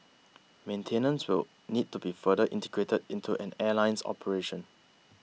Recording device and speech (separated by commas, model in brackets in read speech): mobile phone (iPhone 6), read sentence